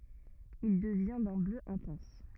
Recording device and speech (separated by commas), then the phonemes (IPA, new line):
rigid in-ear microphone, read sentence
il dəvjɛ̃ dœ̃ blø ɛ̃tɑ̃s